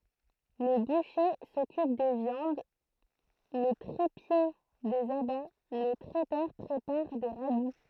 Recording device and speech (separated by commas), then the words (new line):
throat microphone, read sentence
Le boucher s'occupe des viandes, le tripier, des abats, le traiteur prépare des ragoûts.